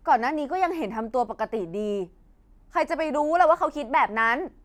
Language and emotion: Thai, angry